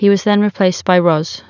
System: none